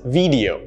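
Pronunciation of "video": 'Video' is pronounced incorrectly here.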